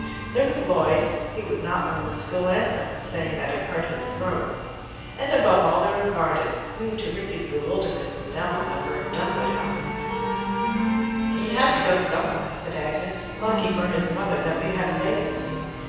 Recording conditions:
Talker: one person; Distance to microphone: 7.1 m; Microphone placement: far; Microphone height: 1.7 m; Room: very reverberant, large; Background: music

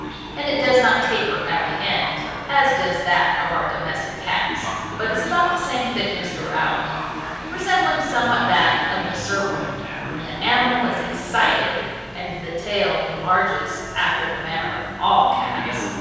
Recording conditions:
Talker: one person; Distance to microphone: 7.1 m; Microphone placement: far; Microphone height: 1.7 m; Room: very reverberant, large; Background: television

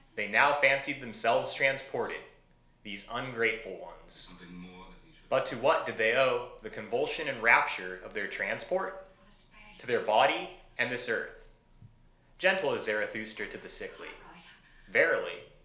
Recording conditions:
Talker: one person; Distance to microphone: 1.0 m; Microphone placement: close; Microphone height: 1.1 m; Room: small (3.7 m by 2.7 m); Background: television

